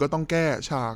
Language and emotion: Thai, frustrated